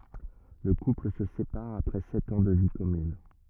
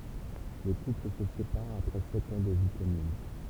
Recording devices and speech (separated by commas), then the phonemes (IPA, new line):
rigid in-ear microphone, temple vibration pickup, read sentence
lə kupl sə sepaʁ apʁɛ sɛt ɑ̃ də vi kɔmyn